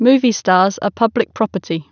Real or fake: real